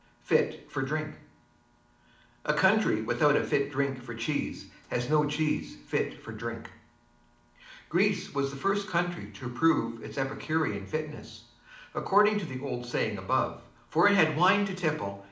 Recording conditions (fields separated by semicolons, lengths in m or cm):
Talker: one person; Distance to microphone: 2.0 m; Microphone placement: close; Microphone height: 99 cm; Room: medium-sized (5.7 m by 4.0 m); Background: none